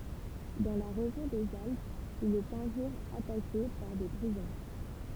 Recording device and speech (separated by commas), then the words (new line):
temple vibration pickup, read sentence
Dans la région des Alpes, il est un jour attaqué par des brigands.